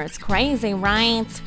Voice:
funny voice